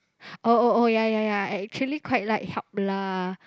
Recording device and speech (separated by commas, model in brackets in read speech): close-talking microphone, conversation in the same room